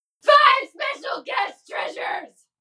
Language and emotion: English, fearful